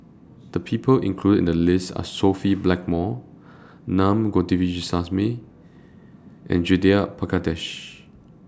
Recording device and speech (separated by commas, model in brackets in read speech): standing microphone (AKG C214), read sentence